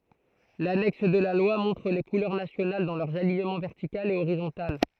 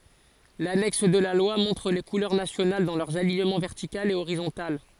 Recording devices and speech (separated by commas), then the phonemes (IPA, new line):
throat microphone, forehead accelerometer, read sentence
lanɛks də la lwa mɔ̃tʁ le kulœʁ nasjonal dɑ̃ lœʁz aliɲəmɑ̃ vɛʁtikal e oʁizɔ̃tal